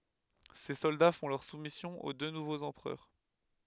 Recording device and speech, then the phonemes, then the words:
headset microphone, read sentence
se sɔlda fɔ̃ lœʁ sumisjɔ̃ o dø nuvoz ɑ̃pʁœʁ
Ses soldats font leur soumission aux deux nouveaux empereurs.

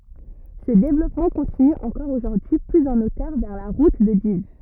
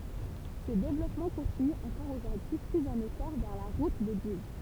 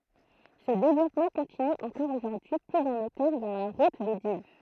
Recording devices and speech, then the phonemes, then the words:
rigid in-ear microphone, temple vibration pickup, throat microphone, read sentence
sə devlɔpmɑ̃ kɔ̃tiny ɑ̃kɔʁ oʒuʁdyi plyz ɑ̃ otœʁ vɛʁ la ʁut də div
Ce développement continue encore aujourd'hui plus en hauteur vers la route de Dives.

